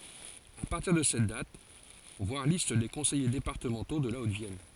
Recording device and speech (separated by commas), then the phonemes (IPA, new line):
forehead accelerometer, read sentence
a paʁtiʁ də sɛt dat vwaʁ list de kɔ̃sɛje depaʁtəmɑ̃to də la otəvjɛn